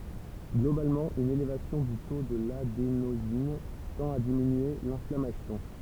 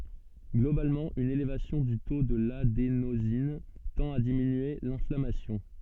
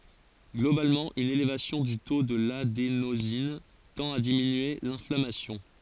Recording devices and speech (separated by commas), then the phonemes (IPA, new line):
temple vibration pickup, soft in-ear microphone, forehead accelerometer, read sentence
ɡlobalmɑ̃ yn elevasjɔ̃ dy to də ladenozin tɑ̃t a diminye lɛ̃flamasjɔ̃